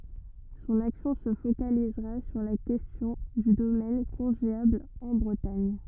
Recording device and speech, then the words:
rigid in-ear microphone, read sentence
Son action se focalisera sur la question du domaine congéable en Bretagne.

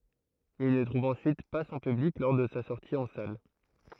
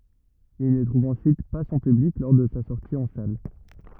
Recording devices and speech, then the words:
throat microphone, rigid in-ear microphone, read sentence
Il ne trouve ensuite pas son public lors de sa sortie en salle.

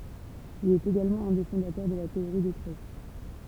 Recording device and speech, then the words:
temple vibration pickup, read sentence
Il est également un des fondateurs de la théorie des tresses.

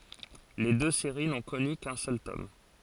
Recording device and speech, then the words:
forehead accelerometer, read sentence
Les deux séries n'ont connu qu'un seul tome.

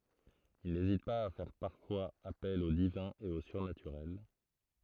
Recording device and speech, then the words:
throat microphone, read sentence
Il n'hésite pas à faire parfois appel au divin et au surnaturel.

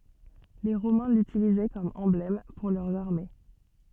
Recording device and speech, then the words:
soft in-ear microphone, read sentence
Les Romains l'utilisaient comme emblème pour leurs armées.

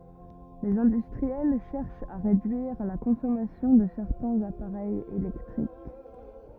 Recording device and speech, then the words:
rigid in-ear microphone, read sentence
Les industriels cherchent à réduire la consommation de certains appareils électriques.

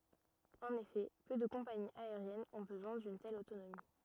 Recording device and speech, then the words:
rigid in-ear microphone, read sentence
En effet, peu de compagnies aériennes ont besoin d'une telle autonomie.

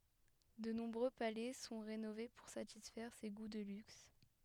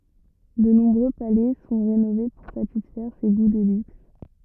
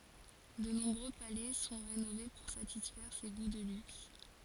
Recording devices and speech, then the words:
headset microphone, rigid in-ear microphone, forehead accelerometer, read sentence
De nombreux palais sont rénovés pour satisfaire ses goûts de luxe.

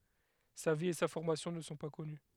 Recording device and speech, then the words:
headset microphone, read sentence
Sa vie et sa formation ne sont pas connues.

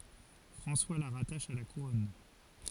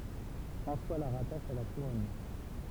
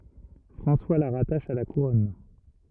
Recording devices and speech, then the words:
forehead accelerometer, temple vibration pickup, rigid in-ear microphone, read sentence
François la rattache à la Couronne.

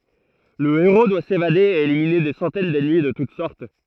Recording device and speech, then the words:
throat microphone, read sentence
Le héros doit s'évader et éliminer des centaines d'ennemis de toute sorte.

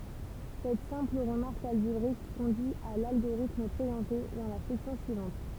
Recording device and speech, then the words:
temple vibration pickup, read sentence
Cette simple remarque algébrique conduit à l'algorithme présenté dans la section suivante.

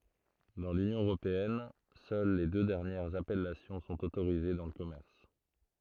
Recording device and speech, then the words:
throat microphone, read sentence
Dans l’Union européenne, seules les deux dernières appellations sont autorisées dans le commerce.

